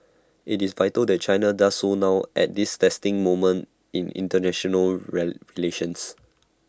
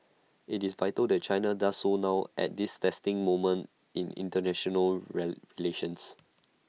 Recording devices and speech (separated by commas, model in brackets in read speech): standing microphone (AKG C214), mobile phone (iPhone 6), read sentence